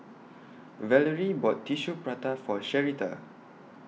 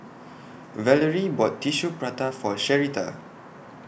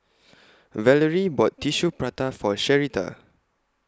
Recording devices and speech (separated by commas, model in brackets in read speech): mobile phone (iPhone 6), boundary microphone (BM630), close-talking microphone (WH20), read sentence